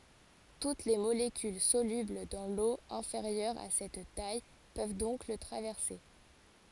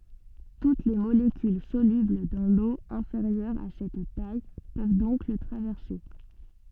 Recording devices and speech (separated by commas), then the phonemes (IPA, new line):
forehead accelerometer, soft in-ear microphone, read sentence
tut le molekyl solybl dɑ̃ lo ɛ̃feʁjœʁ a sɛt taj pøv dɔ̃k lə tʁavɛʁse